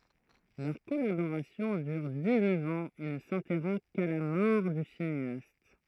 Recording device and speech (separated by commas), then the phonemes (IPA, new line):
throat microphone, read sentence
lœʁ kɔlaboʁasjɔ̃ dyʁ diksnœf ɑ̃z e nə sɛ̃tɛʁɔ̃ ka la mɔʁ dy sineast